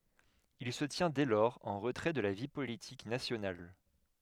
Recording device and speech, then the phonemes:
headset microphone, read sentence
il sə tjɛ̃ dɛ lɔʁz ɑ̃ ʁətʁɛ də la vi politik nasjonal

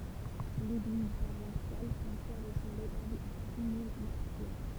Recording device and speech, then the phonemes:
temple vibration pickup, read sentence
leɡliz paʁwasjal sɛ̃ pjɛʁ e sɔ̃ ʁətabl de di mil maʁtiʁ

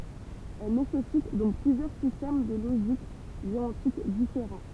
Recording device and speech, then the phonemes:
temple vibration pickup, read sentence
ɛl nesɛsit dɔ̃k plyzjœʁ sistɛm də loʒik deɔ̃tik difeʁɑ̃

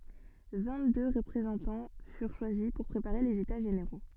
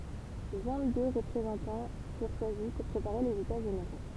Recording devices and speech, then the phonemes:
soft in-ear microphone, temple vibration pickup, read sentence
vɛ̃ɡtdø ʁəpʁezɑ̃tɑ̃ fyʁ ʃwazi puʁ pʁepaʁe lez eta ʒeneʁo

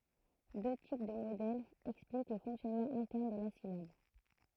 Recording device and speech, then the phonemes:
throat microphone, read sentence
dø tip də modɛlz ɛksplik lə fɔ̃ksjɔnmɑ̃ ɛ̃tɛʁn də la silab

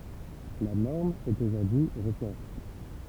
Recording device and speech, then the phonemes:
temple vibration pickup, read sentence
la nɔʁm ɛt oʒuʁdyi ʁətiʁe

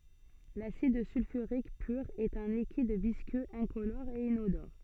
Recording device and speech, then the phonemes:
soft in-ear microphone, read sentence
lasid sylfyʁik pyʁ ɛt œ̃ likid viskøz ɛ̃kolɔʁ e inodɔʁ

